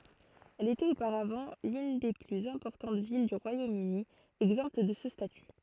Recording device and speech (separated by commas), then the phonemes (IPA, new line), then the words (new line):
throat microphone, read sentence
ɛl etɛt opaʁavɑ̃ lyn de plyz ɛ̃pɔʁtɑ̃t vil dy ʁwajomøni ɛɡzɑ̃pt də sə staty
Elle était auparavant l'une des plus importantes villes du Royaume-Uni exemptes de ce statut.